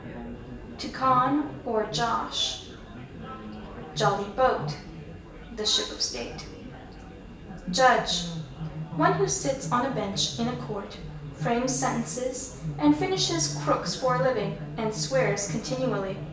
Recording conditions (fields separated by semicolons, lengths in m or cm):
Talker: one person; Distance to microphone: 1.8 m; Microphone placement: close; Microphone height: 1.0 m; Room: large; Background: babble